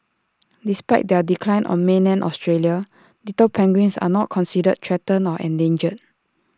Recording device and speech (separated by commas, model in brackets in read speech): standing microphone (AKG C214), read sentence